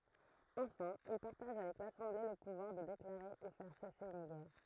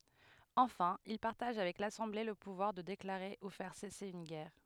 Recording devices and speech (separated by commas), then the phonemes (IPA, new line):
throat microphone, headset microphone, read sentence
ɑ̃fɛ̃ il paʁtaʒ avɛk lasɑ̃ble lə puvwaʁ də deklaʁe u fɛʁ sɛse yn ɡɛʁ